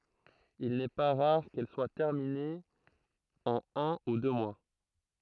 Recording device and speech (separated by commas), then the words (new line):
throat microphone, read sentence
Il n'est pas rare qu'elles soient terminées en un ou deux mois.